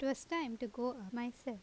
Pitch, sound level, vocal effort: 245 Hz, 81 dB SPL, normal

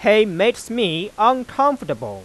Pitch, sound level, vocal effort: 215 Hz, 98 dB SPL, loud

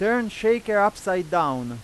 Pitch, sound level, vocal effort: 205 Hz, 98 dB SPL, very loud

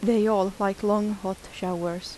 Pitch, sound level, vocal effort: 200 Hz, 81 dB SPL, soft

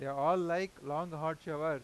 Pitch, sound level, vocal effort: 160 Hz, 97 dB SPL, loud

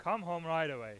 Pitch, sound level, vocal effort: 165 Hz, 101 dB SPL, loud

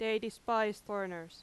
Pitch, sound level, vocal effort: 210 Hz, 90 dB SPL, very loud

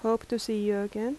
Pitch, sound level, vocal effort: 225 Hz, 80 dB SPL, soft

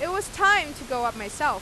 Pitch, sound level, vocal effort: 295 Hz, 97 dB SPL, loud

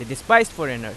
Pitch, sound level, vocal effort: 135 Hz, 94 dB SPL, loud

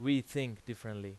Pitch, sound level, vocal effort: 120 Hz, 90 dB SPL, very loud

